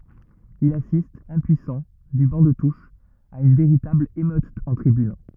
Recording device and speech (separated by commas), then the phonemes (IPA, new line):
rigid in-ear microphone, read sentence
il asist ɛ̃pyisɑ̃ dy bɑ̃ də tuʃ a yn veʁitabl emøt ɑ̃ tʁibyn